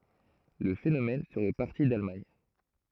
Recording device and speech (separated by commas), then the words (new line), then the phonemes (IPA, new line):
throat microphone, read sentence
Le phénomène serait parti d’Allemagne.
lə fenomɛn səʁɛ paʁti dalmaɲ